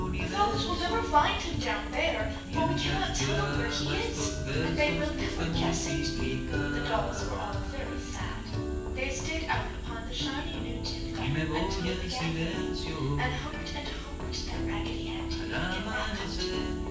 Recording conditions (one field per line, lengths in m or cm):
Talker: one person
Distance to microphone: 9.8 m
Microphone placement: far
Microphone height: 1.8 m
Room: large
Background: music